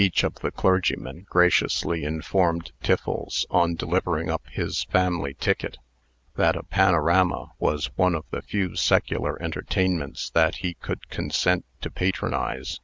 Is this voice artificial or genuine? genuine